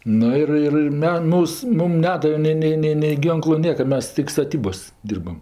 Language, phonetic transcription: Lithuanian, ˈnu ir ˈir ir ˈme ˈmūs ˈmum ˈnedave ˈnei ˈnei ˈnei nei ˈgynklu ˈnieka ˈmes tik staˈtybos' ˈdyrbam

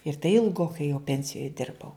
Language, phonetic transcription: Lithuanian, ir tai ilˈgokai jau ˈpensijoj ˈdirbau

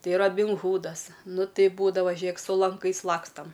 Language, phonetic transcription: Lithuanian, ˈtai rabinˈhūdas ˈnu ˈtai ˈbūdava ˈžėk su lanˈkais ˈlakstam

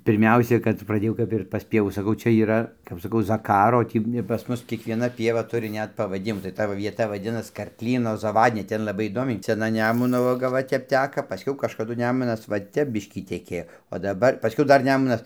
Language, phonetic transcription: Lithuanian, pirˈmiausia kad praˈdėjau ˈkap ir pas ˈpievų saˈkau ˈčia yˈra kap saˈkau zaˈkaro o ˈtį pas ˈmus kiekvieˈna ˈpieva ˈturi ˈnet pavaˈdimų tai ˈta va vieˈta vaˈdinas karkˈlyno zaˈvadnia ˈten laˈbai įˈdomiai seˈna ˈnemuno ˈvaga ˈva ˈtep ˈteka paˈskiau kažkaˈdu ˈnemunas va ˈtep ˈbiškį teˈkėjo o daˈbar paˈskiau ˈdar ˈnemunas

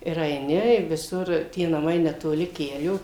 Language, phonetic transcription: Lithuanian, ir aiˈni ir viˈsur tie naˈmai netoˈli ˈkelio

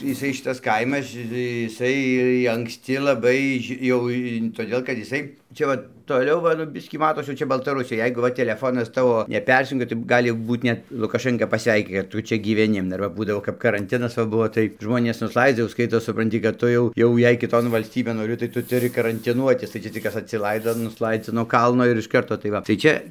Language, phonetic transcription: Lithuanian, jiˈsai ˈšitas ˈkaimas ˈšitai jiˈsai ir i anksˈti laˈbai ži ˈjau i toˈdėl kad iˈsai ˈčia va toˈliau ˈva nu ˈbiskį ˈmatos jau ˈčia baltaˈrusija ˈjeigu va teleˈfonas ˈtavo neˈpersijungia tai ˈgali ˈbūt net lukaˈšɜnka paˈsveiki kad ˈtu ˈčia gyveˈni ir ˈva ˈbūdavo kap karanˈtinas va ˈbuvo tai ˈžmonės nusˈlaidza jau ˈskaitos supranˈti kad ˈtu jau ˈjau jei kiˈton valsˈtybėn ˈnori tai ˈtu tuˈri karantiˈnuotis tai ˈčia tik ˈkas tai ˈčia tik ˈkas atsiˈlaido ir nusˈlaidzi nuo ˈkalno ir iš ˈkarto tai ˈva tai ˈčia

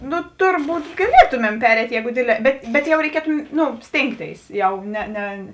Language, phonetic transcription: Lithuanian, ˈnu ˈturˌbūt gaˈlietumem ˈpereit' ˈjeigu ˈdėdˌlē ˈbet bet jau reiˈkietu ˈnu ˈstėngˌtėis ˈjau ˈne ˈne

